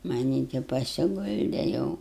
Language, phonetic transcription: Lithuanian, maˈnį ti pasiˈgulde ˈjau

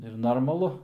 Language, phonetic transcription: Lithuanian, ir normaˈlu

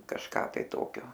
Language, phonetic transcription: Lithuanian, kažˈką tai ˈtokio

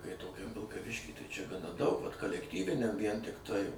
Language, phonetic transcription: Lithuanian, kai toˈkiam vilkaˈvišky ˈtai ˈčia daug vat kalekˈtyviniam vien tikˈtai

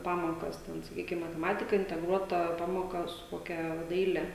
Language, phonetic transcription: Lithuanian, ˈpamokas ˈten saˈkykim mateˈmatika inteˈgruota ˈpamoˌka su koˈkia ˈdaile

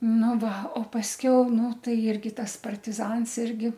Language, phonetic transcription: Lithuanian, ˈnu ˈva o pasˈkiau ˈnu ˈtai ˈirgi ˈtas partiˈzans ˈirgi

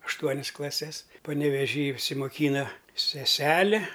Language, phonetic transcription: Lithuanian, ašˈtuonis klaˈses paneveˈžy išsimoˈkyna seˈseli

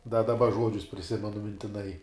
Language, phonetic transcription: Lithuanian, da daˈba ˈžuodžius priˈsimenu mintiˈnai

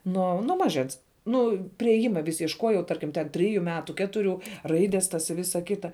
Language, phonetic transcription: Lithuanian, ˈnuo nuo ˈmaˌžens ˈnu priėˈjima vis iešˈkojau ˈtarkim ten ˈtriju ˈmetu ˈketuriu ˈraides tas i ˈvisa ˈkita

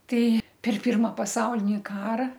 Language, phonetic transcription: Lithuanian, ˈtei per ˈpirma paˈsaulini ˈkara

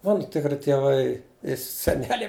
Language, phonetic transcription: Lithuanian, ˈmanu tikˈri tieˈvai i seˈneliai

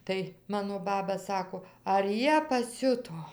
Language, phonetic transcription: Lithuanian, ˈtai ˈmano ˈbaba ˈsako ar ˈjie paˈsiuto

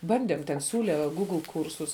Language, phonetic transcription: Lithuanian, ˈbandėm ten ˈsiūle ˈgūgl ˈkūrsus

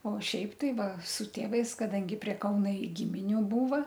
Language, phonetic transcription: Lithuanian, o ˈšiaip tai ˈva su ˈtėvais kaˈdangi prie ˈkauna i gimiˈnių ˈbūva

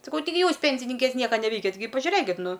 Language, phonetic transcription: Lithuanian, saˈkau taiˈgi ˈjūs ˈpensininkės ˈnieka neˈveikiat gi pažiuˈrėkit ˈnu

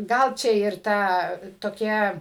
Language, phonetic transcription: Lithuanian, ˈgal ˈčia ir ˈtą toˈkią

